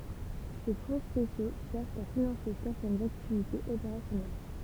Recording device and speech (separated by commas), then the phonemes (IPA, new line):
temple vibration pickup, read sentence
se fɔ̃ spesjo sɛʁvt a finɑ̃se sɛʁtɛnz aktivitez opeʁasjɔnɛl